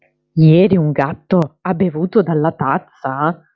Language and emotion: Italian, surprised